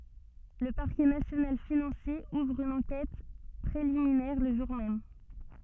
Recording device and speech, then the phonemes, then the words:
soft in-ear microphone, read sentence
lə paʁkɛ nasjonal finɑ̃sje uvʁ yn ɑ̃kɛt pʁeliminɛʁ lə ʒuʁ mɛm
Le Parquet national financier ouvre une enquête préliminaire le jour même.

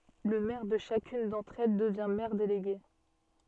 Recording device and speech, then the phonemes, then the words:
soft in-ear microphone, read sentence
lə mɛʁ də ʃakyn dɑ̃tʁ ɛl dəvjɛ̃ mɛʁ deleɡe
Le maire de chacune d'entre elles devient maire délégué.

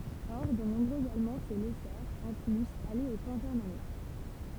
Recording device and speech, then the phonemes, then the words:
temple vibration pickup, read sentence
ɔʁ də nɔ̃bʁøz almɑ̃ sə lɛsɛʁt ɑ̃ plyz ale o pɑ̃ʒɛʁmanism
Or, de nombreux Allemands se laissèrent, en plus, aller au pangermanisme.

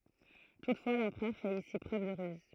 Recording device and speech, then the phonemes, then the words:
throat microphone, read sentence
tutfwa lɑ̃pʁœʁ fɛt isi pʁøv də ʁyz
Toutefois, l'empereur fait ici preuve de ruse.

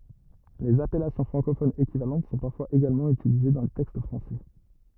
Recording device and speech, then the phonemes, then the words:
rigid in-ear microphone, read sentence
lez apɛlasjɔ̃ fʁɑ̃kofonz ekivalɑ̃t sɔ̃ paʁfwaz eɡalmɑ̃ ytilize dɑ̃ le tɛkst fʁɑ̃sɛ
Les appellations francophones équivalentes sont parfois également utilisées dans les textes français.

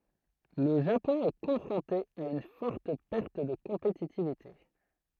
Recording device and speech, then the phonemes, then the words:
throat microphone, read sentence
lə ʒapɔ̃ ɛ kɔ̃fʁɔ̃te a yn fɔʁt pɛʁt də kɔ̃petitivite
Le Japon est confronté à une forte perte de compétitivité.

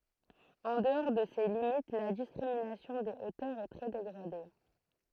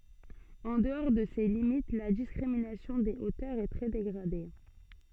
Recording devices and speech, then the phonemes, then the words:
throat microphone, soft in-ear microphone, read sentence
ɑ̃ dəɔʁ də se limit la diskʁiminasjɔ̃ de otœʁz ɛ tʁɛ deɡʁade
En dehors de ces limites, la discrimination des hauteurs est très dégradée.

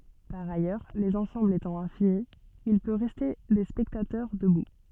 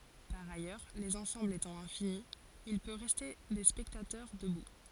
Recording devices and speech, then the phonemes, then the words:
soft in-ear microphone, forehead accelerometer, read sentence
paʁ ajœʁ lez ɑ̃sɑ̃blz etɑ̃ ɛ̃fini il pø ʁɛste de spɛktatœʁ dəbu
Par ailleurs, les ensembles étant infinis, il peut rester des spectateurs debout.

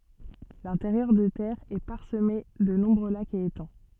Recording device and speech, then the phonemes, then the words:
soft in-ear microphone, read sentence
lɛ̃teʁjœʁ de tɛʁz ɛ paʁsəme də nɔ̃bʁø lakz e etɑ̃
L'intérieur des terres est parsemé de nombreux lacs et étangs.

